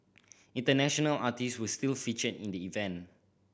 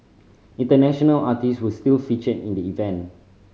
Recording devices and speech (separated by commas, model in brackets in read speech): boundary microphone (BM630), mobile phone (Samsung C5010), read sentence